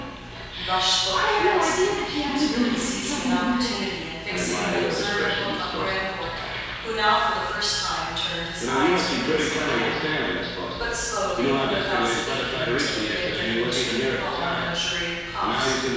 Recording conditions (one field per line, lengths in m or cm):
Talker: one person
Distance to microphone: 7.1 m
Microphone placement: far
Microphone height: 1.7 m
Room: very reverberant, large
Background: television